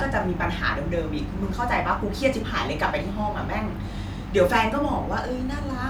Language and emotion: Thai, frustrated